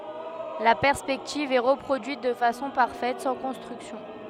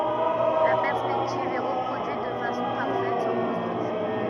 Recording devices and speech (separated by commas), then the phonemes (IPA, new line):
headset microphone, rigid in-ear microphone, read sentence
la pɛʁspɛktiv ɛ ʁəpʁodyit də fasɔ̃ paʁfɛt sɑ̃ kɔ̃stʁyksjɔ̃